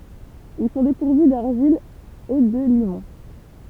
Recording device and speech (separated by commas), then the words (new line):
temple vibration pickup, read sentence
Ils sont dépourvus d’argile et de limon.